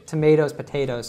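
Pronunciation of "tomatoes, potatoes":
'Tomatoes' and 'potatoes' are said so that they rhyme with each other.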